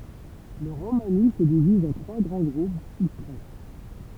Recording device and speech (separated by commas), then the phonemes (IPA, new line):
temple vibration pickup, read sentence
lə ʁomani sə diviz ɑ̃ tʁwa ɡʁɑ̃ ɡʁup u stʁat